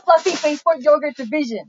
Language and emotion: English, angry